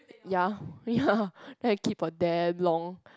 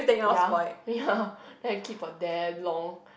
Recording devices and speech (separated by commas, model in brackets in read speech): close-talking microphone, boundary microphone, conversation in the same room